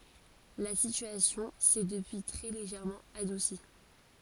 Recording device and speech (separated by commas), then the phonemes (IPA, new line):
forehead accelerometer, read sentence
la sityasjɔ̃ sɛ dəpyi tʁɛ leʒɛʁmɑ̃ adusi